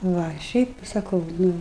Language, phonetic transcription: Lithuanian, ˈva ˈšiaip saˈkau ˈnu

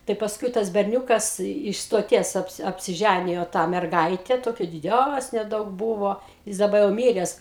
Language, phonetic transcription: Lithuanian, tai pasˈkui tas berˈniūkas iš stoˈties ˈapsi apsiˈžænijo tą merˈgaite ˈtokia diˈdæsnė ˈdaug ˈbūvo ˈjis daˈba jau ˈmyres

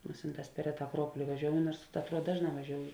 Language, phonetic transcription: Lithuanian, ˈmusinˌtās per ˈreˌtā aˈkruopoli vaˈžioujo ˈnuors atˈruod ˈdažˌnā vaˈžioujo

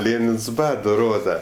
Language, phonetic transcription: Lithuanian, ˈlėnins ˈbado ˈroda

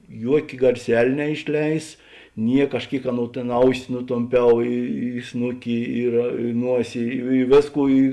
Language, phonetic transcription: Lithuanian, ˈjuokė garˈsel' neišˈleis ˈniek aš ˈkėik ˈaˌnou tėn ˈausi nutomˈpiau i i ˈsnuki ir ˈ nuosi i i ˈvėsˌkų i

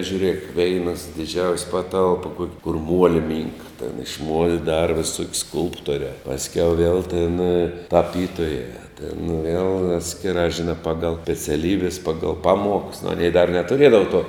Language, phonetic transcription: Lithuanian, žiūˈrėk ˈveinas diˈdžiaus' ˈpaˌtalp kuok' kur ˈmuoli ˈmynka tėn iš muol' ˈdara viˈsuok' ˈskulptorē pasˈkiau viel tėn taˈpytojā tėn vėl ˈatskiˌrā žiˈnā ˈpagal speciaˈlybes ˈpagal ˈpaˌmuoks aˈnei dar netuˈriedavo tuo

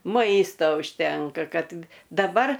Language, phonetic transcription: Lithuanian, ˈmaisto užˈtenka ˈkad daˈbar

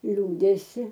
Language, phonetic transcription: Lithuanian, ˈliūdesi

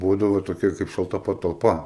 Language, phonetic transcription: Lithuanian, ˈbūdavo toˈkia kaip šalˈta patalˈpa

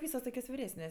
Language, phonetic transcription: Lithuanian, ˈvysos ˈtokios viˈresnės'

